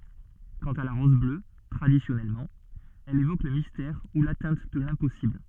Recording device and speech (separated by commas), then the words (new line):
soft in-ear microphone, read sentence
Quant à la rose bleue, traditionnellement, elle évoque le mystère ou l'atteinte de l'impossible.